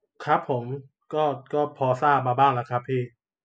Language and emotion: Thai, neutral